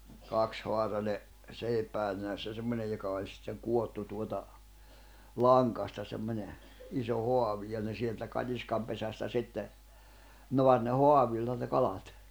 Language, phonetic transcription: Finnish, 'kakshoar̆rane , 'sèipään nenässä 'semmońej joka oĺ sitteŋ 'kuottu tuota , "laŋkasta semmońe , 'iso 'hoavi ja ne sieltä 'kat́iskam pesästä 'sitte , 'noar ne "hoavìlla ne 'kalat .
- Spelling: kaksihaarainen seipään nenässä semmoinen joka oli sitten kudottu tuota langasta semmoinen iso haavi ja ne sieltä katiskan pesästä sitten naari ne haavilla ne kalat

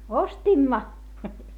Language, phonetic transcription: Finnish, ostimma .
- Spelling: ostimme

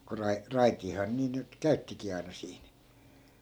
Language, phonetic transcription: Finnish, ko 'rai- , "raitiihaa nii nyt 'käyttikii aina siin .
- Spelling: kun - raitiahan niin nyt käyttikin aina siinä

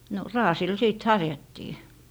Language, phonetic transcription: Finnish, no , "raasil sìt 'harjattii .
- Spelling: no raasilla sitten harjattiin

